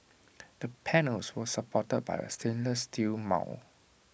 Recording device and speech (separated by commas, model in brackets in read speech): boundary microphone (BM630), read sentence